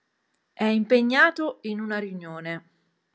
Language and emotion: Italian, neutral